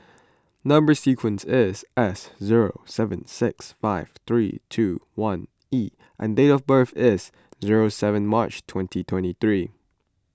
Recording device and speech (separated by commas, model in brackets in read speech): close-talking microphone (WH20), read sentence